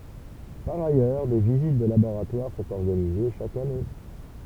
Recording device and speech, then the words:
temple vibration pickup, read sentence
Par ailleurs, des visites de laboratoires sont organisées chaque année.

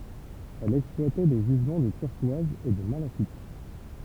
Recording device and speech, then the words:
temple vibration pickup, read sentence
Elle exploitait des gisements de turquoise et de malachite.

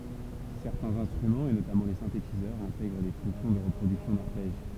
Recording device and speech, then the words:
temple vibration pickup, read sentence
Certains instruments et notamment les synthétiseurs intègrent des fonctions de reproduction d'arpèges.

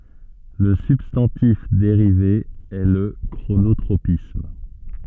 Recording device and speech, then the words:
soft in-ear microphone, read sentence
Le substantif dérivé est le chronotropisme.

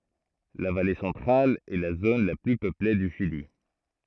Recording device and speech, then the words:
throat microphone, read sentence
La Vallée Centrale est la zone la plus peuplée du Chili.

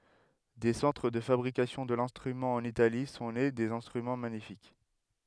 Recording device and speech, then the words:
headset microphone, read sentence
Des centres de fabrication de l'instrument en Italie, sont nés des instruments magnifiques.

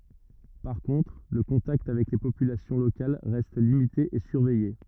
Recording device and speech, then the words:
rigid in-ear microphone, read sentence
Par contre, le contact avec les populations locales reste limité et surveillé.

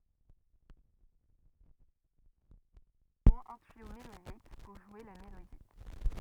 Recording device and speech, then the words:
rigid in-ear microphone, read sentence
Toutes les cornemuses ont au moins un tuyau mélodique, pour jouer la mélodie.

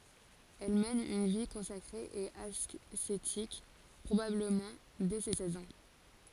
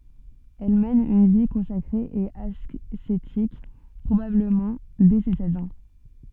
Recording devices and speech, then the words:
forehead accelerometer, soft in-ear microphone, read sentence
Elle mène une vie consacrée et ascétique, probablement dès ses seize ans.

